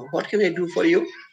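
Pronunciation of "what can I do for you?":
'What can I do for you?' is asked in an unemotional tone, with no emotion involved. It is a very casual, weak way of asking.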